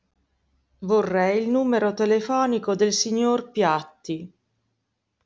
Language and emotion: Italian, neutral